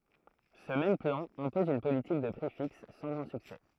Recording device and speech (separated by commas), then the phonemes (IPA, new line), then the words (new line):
throat microphone, read sentence
sə mɛm plɑ̃ ɛ̃pɔz yn politik də pʁi fiks sɑ̃ ɡʁɑ̃ syksɛ
Ce même plan, impose une politique de prix fixe, sans grand succès.